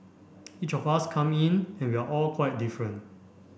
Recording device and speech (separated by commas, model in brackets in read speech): boundary microphone (BM630), read sentence